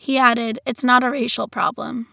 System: none